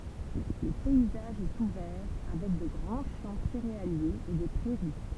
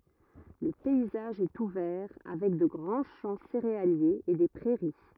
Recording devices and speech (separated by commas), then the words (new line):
temple vibration pickup, rigid in-ear microphone, read sentence
Le paysage est ouvert avec de grands champs céréaliers et des prairies.